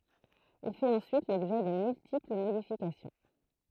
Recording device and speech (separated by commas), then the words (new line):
throat microphone, read sentence
Il fait ensuite l'objet de multiples modifications.